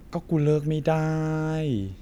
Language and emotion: Thai, frustrated